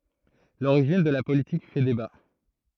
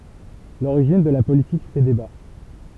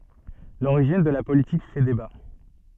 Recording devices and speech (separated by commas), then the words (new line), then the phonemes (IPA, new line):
throat microphone, temple vibration pickup, soft in-ear microphone, read sentence
L'origine de la politique fait débat.
loʁiʒin də la politik fɛ deba